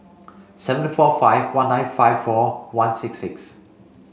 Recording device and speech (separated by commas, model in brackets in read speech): mobile phone (Samsung C5), read sentence